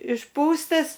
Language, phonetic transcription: Lithuanian, išˈpūstas

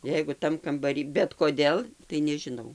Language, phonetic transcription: Lithuanian, ˈjeigu ˈtam kambaˈry bet koˈdėl tai nežiˈnau

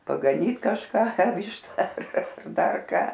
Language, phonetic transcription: Lithuanian, pagaˈnyt kažˈka ˈvyšta ar ˈdar ˈką

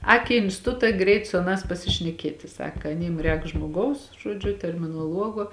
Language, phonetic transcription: Lithuanian, ˈāk į instiˈtuta ˈgreit su aˈnās pasišneˈkieti ˈsaka aˈnym ˈrēk žmoˈgaus ˈžuodžiu terminoˈluogo

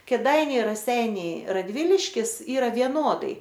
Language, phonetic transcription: Lithuanian, kėˈdainiai raˈseiniai raˈdviliškis ˈyra vieˈnodai

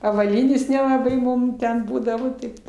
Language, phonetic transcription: Lithuanian, avaˈlynės nelaˈbai ˈmum ˈten ˈbūdavo ˈtaip

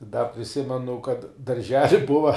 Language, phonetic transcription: Lithuanian, da priˈsimenu kad darˈželi ˈbuva

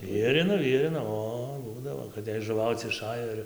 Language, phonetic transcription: Lithuanian, ˈvierino ˈvierino ˈo ˈbūdavo kad jei žuˈvauc iˈšajo ir

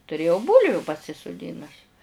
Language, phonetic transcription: Lithuanian, tuˈrėjau ˈbūlviu pasisuˈdinus

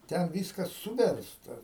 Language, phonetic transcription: Lithuanian, ˈten ˈvyskas ˈsūversta

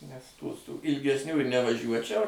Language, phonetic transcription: Lithuanian, nes ˈtų su ilgesˈnių ir nevaˈžiuočiau

